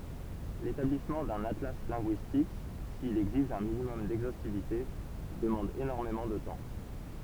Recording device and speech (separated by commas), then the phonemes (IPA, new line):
temple vibration pickup, read sentence
letablismɑ̃ dœ̃n atla lɛ̃ɡyistik sil ɛɡziʒ œ̃ minimɔm dɛɡzostivite dəmɑ̃d enɔʁmemɑ̃ də tɑ̃